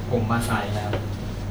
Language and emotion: Thai, sad